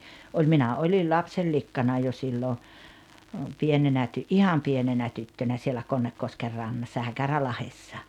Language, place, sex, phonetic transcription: Finnish, Rautalampi, female, oĺ 'minä 'oĺil "lapsellikkana jo sillo , 'pienenä ty-"’iham 'pienenä 'tyttönä sielä 'Konnekkosker 'rannassa "Häkärälahessa .
- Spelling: oli minä olin lapsenlikkana jo silloin pienenä ihan pienenä tyttönä siellä Konnekosken rannassa Häkärälahdessa

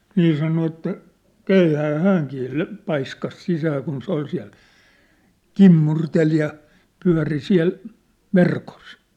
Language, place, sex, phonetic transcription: Finnish, Sippola, male, 'nii sano että , 'keihääʿⁿ̬ʾ 'hääŋkii 'lö- , 'paiskas 'sisää kun se 'oi siä̭l , "kimmurtel ja , 'pyä̭ri 'siä̭l , "verkos .
- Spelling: niin sanoi että keihään hänkin - paiskasi sisään kun se oli siellä kimmurteli ja pyöri siellä verkossa

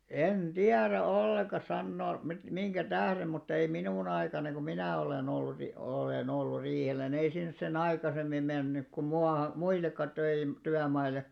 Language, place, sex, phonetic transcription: Finnish, Alastaro, male, en "ᴅiärä 'olleka 'sannoo mit- , 'miŋɢä "tährem mutt ‿ei 'minù'n ‿aikana ku 'minä̀ 'olen 'ollu ti- , olèn 'ollur̆ 'riihel̆lä ni ei sinᵉs se'n ‿aikasemmi mennyk ku mua- "muillekka töi- , 'tyämaile .
- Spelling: en tiedä ollenkaan sanoa - minkä tähden mutta ei minun aikana kun minä olen ollut - olen ollut riihellä niin ei sinne sen aikaisemmin mennyt kuin - muillekaan - työmaille

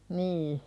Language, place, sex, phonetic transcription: Finnish, Pälkäne, female, nii .
- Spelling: niin

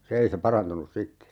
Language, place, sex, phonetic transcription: Finnish, Urjala, male, se 'ei se 'parantunus "sitte .
- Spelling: se ei se parantunut sitten

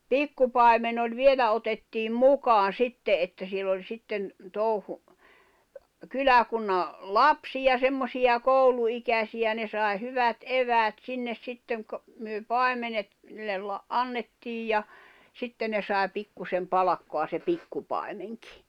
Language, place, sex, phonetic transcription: Finnish, Jämsä, female, pikkupài̬men ‿oĺ "vielä otettiim "mukaan̬ "sitte ’että siel ‿oĺ 'sitten , tòuhu , "kyläkunna , "lapsiʲa 'semmosiʲa "kòulu₍ikäsiʲä ne sài̬ 'hyvät "’eväät 'sinnes 'sitteŋ kᵒ- , myö "pài̬menet , ne la- , '’annettiij ja , 'sitten ne sàe 'pikkusem "palᵃkkoa se 'pikkupài̬meŋkɪ .
- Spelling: pikkupaimen oli vielä otettiin mukaan sitten että siellä oli sitten touhu kyläkunnan lapsia semmoisia kouluikäisiä ne sai hyvät eväät sinne sitten - me paimenet ne - annettiin ja sitten ne sai pikkuisen palkkaa se pikkupaimenkin

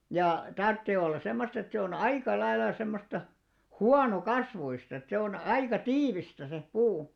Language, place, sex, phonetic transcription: Finnish, Alastaro, male, 'ja , 'tarttee ollas 'semmost ‿et se on "aika 'lailla 'semmosta , "huano"kasvuist ‿et se on 'aika "tiivistä se , 'puu .
- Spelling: ja tarvitsee olla semmoista että se on aika lailla semmoista huonokasvuista että se on aika tiivistä se puu

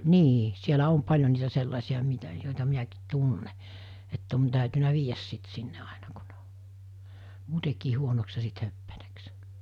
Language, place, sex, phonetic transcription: Finnish, Mikkeli, female, 'nii , sielä 'om 'paĺjo niitä 'sellàisi₍a mitᵃ̈ jòita 'miäkiit 'tunne , ett ‿on tä̀ytynä 'viijäs sit sinne ainᴀ kᴜ ɴᴇ ᴏ , 'muutekii huonoks ja sit 'höppänäks .
- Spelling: niin siellä on paljon niitä sellaisia mitä joita minäkin tunnen että on täytynyt viedä sitten sinne aina kun ne on muutenkin huonoksi ja sitten höppänäksi

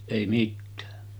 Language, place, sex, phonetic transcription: Finnish, Sotkamo, male, èi 'mittää .
- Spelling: ei mitään

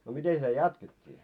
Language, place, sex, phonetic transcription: Finnish, Moloskovitsa, male, no 'miten sitä "jatket́t́ii ?
- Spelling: no miten sitä jatkettiin

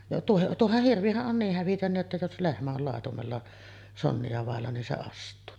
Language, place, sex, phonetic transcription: Finnish, Sotkamo, female, tuoh- 'tuohah 'hirvihäˀ ˀon niih hävitön̳§ jotta jos "lehmä ol làetumella , 'sonni₍a vàella nin se 'ast̆tuu .
- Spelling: - tuohan hirvihän on niin hävytön jotta jos lehmä on laitumella sonnia vailla niin se astuu

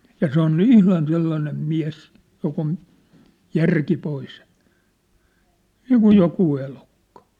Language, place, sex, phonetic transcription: Finnish, Sippola, male, ja 'se ‿on "ihlan 'sellanem "miä̭s , jok ‿on , "järki 'pois , "niikuj "jokuu elukkᴀ .
- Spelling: ja se on ihan sellainen mies joka on järki pois niin kuin joku elukka

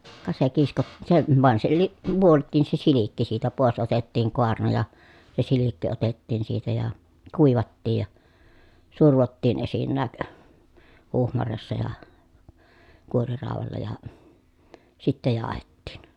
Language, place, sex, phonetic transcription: Finnish, Pielisjärvi, female, ka se kisko- , se vàen se (si-) , vuolt̆tiin se silikki siitä pòes otettiiŋ koarna ja , se silikki otettiin siitä ja , kùivattij ja , survottiin esinnääk , huhmaressa ja , kuoriràovalla ja , sittä jaahettìn .
- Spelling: ka se - se vain se - vuoltiin se silkki siitä pois otettiin kaarna ja se silkki otettiin siitä ja kuivattiin ja survottiin esinnäkin huhmareessa ja kuoriraudalla ja sitten jauhettiin

